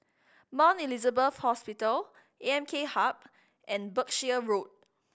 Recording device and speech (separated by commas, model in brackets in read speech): boundary microphone (BM630), read sentence